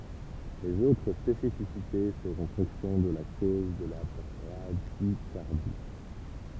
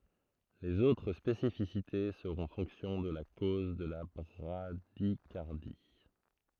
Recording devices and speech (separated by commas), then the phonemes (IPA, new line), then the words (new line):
temple vibration pickup, throat microphone, read sentence
lez otʁ spesifisite səʁɔ̃ fɔ̃ksjɔ̃ də la koz də la bʁadikaʁdi
Les autres spécificités seront fonction de la cause de la bradycardie.